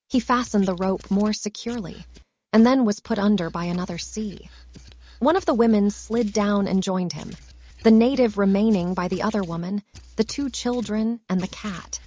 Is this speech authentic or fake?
fake